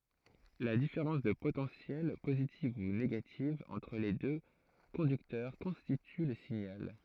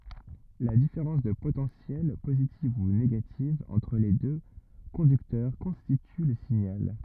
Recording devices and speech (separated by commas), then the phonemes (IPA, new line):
throat microphone, rigid in-ear microphone, read sentence
la difeʁɑ̃s də potɑ̃sjɛl pozitiv u neɡativ ɑ̃tʁ le dø kɔ̃dyktœʁ kɔ̃stity lə siɲal